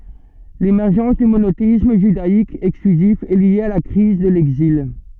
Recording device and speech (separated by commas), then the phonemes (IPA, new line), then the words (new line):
soft in-ear microphone, read sentence
lemɛʁʒɑ̃s dy monoteism ʒydaik ɛksklyzif ɛ lje a la kʁiz də lɛɡzil
L'émergence du monothéisme judaïque exclusif est lié à la crise de l'Exil.